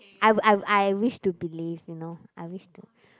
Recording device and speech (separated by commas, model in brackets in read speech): close-talking microphone, conversation in the same room